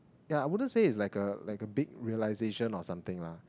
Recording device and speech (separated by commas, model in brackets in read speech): close-talking microphone, conversation in the same room